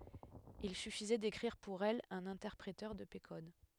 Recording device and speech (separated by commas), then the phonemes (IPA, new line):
headset microphone, read sentence
il syfizɛ dekʁiʁ puʁ ɛl œ̃n ɛ̃tɛʁpʁetœʁ də pe kɔd